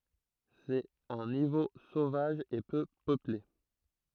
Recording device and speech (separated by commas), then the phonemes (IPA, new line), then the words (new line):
throat microphone, read sentence
sɛt œ̃ nivo sovaʒ e pø pøple
C’est un niveau sauvage et peu peuplé.